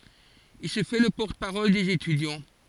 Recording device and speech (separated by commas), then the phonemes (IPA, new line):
forehead accelerometer, read sentence
il sə fɛ lə pɔʁt paʁɔl dez etydjɑ̃